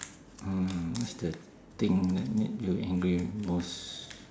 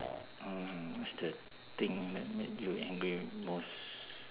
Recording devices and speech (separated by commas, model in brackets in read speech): standing microphone, telephone, conversation in separate rooms